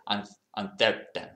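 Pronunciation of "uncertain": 'uncertain' is said with a Spanish accent.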